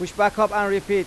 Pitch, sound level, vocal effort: 205 Hz, 97 dB SPL, loud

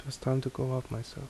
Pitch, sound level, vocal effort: 130 Hz, 72 dB SPL, soft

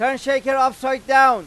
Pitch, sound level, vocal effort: 265 Hz, 105 dB SPL, very loud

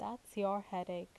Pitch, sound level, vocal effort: 200 Hz, 82 dB SPL, normal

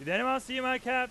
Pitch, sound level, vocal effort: 255 Hz, 103 dB SPL, very loud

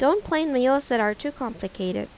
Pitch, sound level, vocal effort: 250 Hz, 84 dB SPL, normal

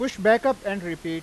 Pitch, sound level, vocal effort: 200 Hz, 97 dB SPL, very loud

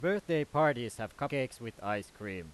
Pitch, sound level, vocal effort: 120 Hz, 95 dB SPL, very loud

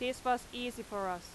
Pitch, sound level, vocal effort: 245 Hz, 90 dB SPL, very loud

